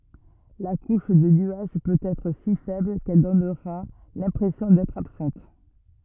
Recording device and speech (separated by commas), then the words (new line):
rigid in-ear microphone, read sentence
La couche de nuages peut être si faible qu'elle donnera l'impression d'être absente.